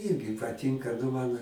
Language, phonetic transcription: Lithuanian, ˈyrgi paˈtinka ˈnu man

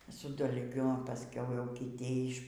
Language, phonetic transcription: Lithuanian, su dalˈgiu paˈskiau jau kiˈty iš

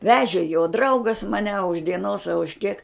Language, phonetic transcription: Lithuanian, ˈvežė jo ˈdraugas maˈne a už dieˈnos a už kiek

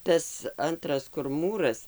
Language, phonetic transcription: Lithuanian, ˈtas ˈantras kur ˈmūras

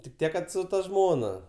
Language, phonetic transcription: Lithuanian, tik ˈtiek ˈkad su ta ˈžmona

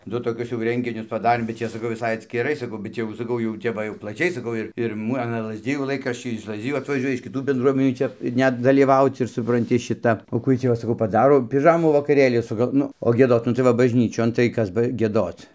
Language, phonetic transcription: Lithuanian, ˈdu toˈkius jau ˈrenginius paˈdarėm bet ˈčia saˈkau viˈsai atskiˈrai saˈkau bet ˈjau saˈkau jau ˈtep va jau plaˈčiai saˈkau ir ir ˈmu aˈna lazˈdijų ˈlaikraščiai iš lazˈdijų atvaˈžiuoja iš kiˈtų bendˈruomenių ˈčia ˈnet dalyˈvauc ir supranˈti ˈšita o ˈkų ˈjiej tį ˈva saˈkau paˈdaro piˈžamų vakaˈrėlį suˈgal ˈnu o gieˈdot nu tai ˈva bažˈnyčion tai ˈkas ba gieˈdoc

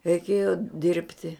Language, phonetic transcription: Lithuanian, reiˈkėjo ˈdirbti

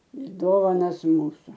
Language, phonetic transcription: Lithuanian, ir ˈdovanas ˈmūsu

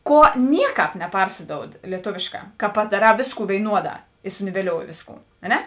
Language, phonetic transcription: Lithuanian, ˈkuo ˈnieˌkāp neˈparsidoud lieˈtovėšˌkā ka padaˈrā ˈvėsˌkų vėiˈnuoˌdā i suniveˈliouji ˈvėsˌkų a ˈne

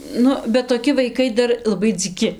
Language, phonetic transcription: Lithuanian, ˈnu bet toˈki vaiˈkai ˈdar laˈbai dzyˈki

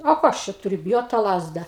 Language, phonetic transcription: Lithuanian, o ˈko aš čia tuˈriu biˈjot tą ˈlazda

